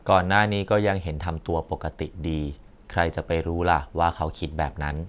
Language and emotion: Thai, neutral